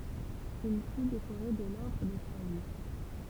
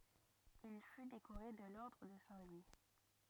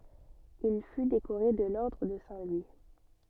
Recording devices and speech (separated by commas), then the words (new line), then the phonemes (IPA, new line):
temple vibration pickup, rigid in-ear microphone, soft in-ear microphone, read sentence
Il fut décoré de l'ordre de Saint-Louis.
il fy dekoʁe də lɔʁdʁ də sɛ̃ lwi